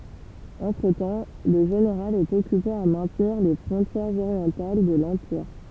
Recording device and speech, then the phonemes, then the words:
temple vibration pickup, read sentence
ɑ̃tʁətɑ̃ lə ʒeneʁal ɛt ɔkype a mɛ̃tniʁ le fʁɔ̃tjɛʁz oʁjɑ̃tal də lɑ̃piʁ
Entretemps, le général est occupé à maintenir les frontières orientales de l'empire.

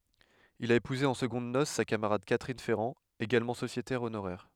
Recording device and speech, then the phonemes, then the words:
headset microphone, read sentence
il a epuze ɑ̃ səɡɔ̃d nos sa kamaʁad katʁin fɛʁɑ̃ eɡalmɑ̃ sosjetɛʁ onoʁɛʁ
Il a épousé en secondes noces sa camarade Catherine Ferran, également sociétaire honoraire.

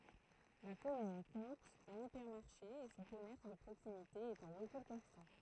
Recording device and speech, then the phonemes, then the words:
throat microphone, read sentence
la kɔmyn kɔ̃t œ̃n ipɛʁmaʁʃe e sɔ̃ kɔmɛʁs də pʁoksimite ɛt ɑ̃ ʁəkyl kɔ̃stɑ̃
La commune compte un hypermarché et son commerce de proximité est en recul constant.

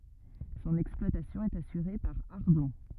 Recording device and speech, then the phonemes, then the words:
rigid in-ear microphone, read sentence
sɔ̃n ɛksplwatasjɔ̃ ɛt asyʁe paʁ aʁdɔ̃
Son exploitation est assurée par Ardon.

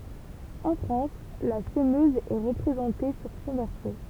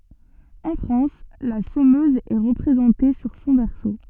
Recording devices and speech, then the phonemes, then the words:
temple vibration pickup, soft in-ear microphone, read sentence
ɑ̃ fʁɑ̃s la səmøz ɛ ʁəpʁezɑ̃te syʁ sɔ̃ vɛʁso
En France, la semeuse est représentée sur son verso.

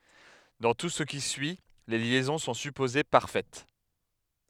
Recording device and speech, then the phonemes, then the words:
headset microphone, read sentence
dɑ̃ tu sə ki syi le ljɛzɔ̃ sɔ̃ sypoze paʁfɛt
Dans tout ce qui suit, les liaisons sont supposées parfaites.

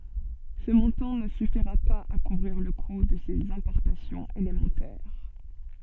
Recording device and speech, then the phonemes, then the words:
soft in-ear microphone, read sentence
sə mɔ̃tɑ̃ nə syfiʁa paz a kuvʁiʁ lə ku də sez ɛ̃pɔʁtasjɔ̃z elemɑ̃tɛʁ
Ce montant ne suffira pas à couvrir le coût de ses importations élémentaires.

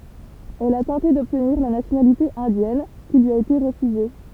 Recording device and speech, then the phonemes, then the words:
temple vibration pickup, read sentence
ɛl a tɑ̃te dɔbtniʁ la nasjonalite ɛ̃djɛn ki lyi a ete ʁəfyze
Elle a tenté d'obtenir la nationalité indienne, qui lui a été refusée.

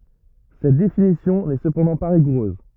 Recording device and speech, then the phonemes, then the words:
rigid in-ear microphone, read sentence
sɛt definisjɔ̃ nɛ səpɑ̃dɑ̃ pa ʁiɡuʁøz
Cette définition n'est cependant pas rigoureuse.

